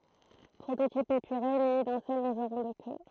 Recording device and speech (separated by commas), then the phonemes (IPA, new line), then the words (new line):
throat microphone, read sentence
pʁototip epyʁe myni dœ̃ sœl lɔ̃ʒʁɔ̃ də kø
Prototype épuré muni d'un seul longeron de queue.